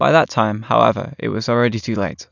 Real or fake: real